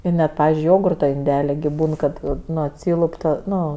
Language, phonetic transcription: Lithuanian, i ˈnet ˈpavizdžiui ˈjogurto inˈdeli gi ˈbūn kad ˈnu ˈatsylup ˈta ˈnu

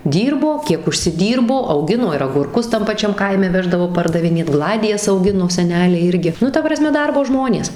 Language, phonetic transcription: Lithuanian, ˈdyrbo ˈkiek užsiˈdyrbo auˈgino ir agurˈkus tam paˈčiam ˈkaime ˈveždavo pardaviˈnėt ˈgladijas auˈgino seˈneliai ˈirgi ˈnu ta praˈsme ˈdarbo ˈžmonės

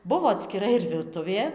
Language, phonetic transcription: Lithuanian, ˈbuvo atskiˈra ir virˈtuvė

